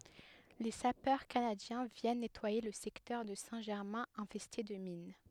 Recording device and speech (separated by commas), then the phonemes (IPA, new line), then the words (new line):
headset microphone, read sentence
le sapœʁ kanadjɛ̃ vjɛn nɛtwaje lə sɛktœʁ də sɛ̃ ʒɛʁmɛ̃ ɛ̃fɛste də min
Les sapeurs canadiens viennent nettoyer le secteur de Saint-Germain infesté de mines.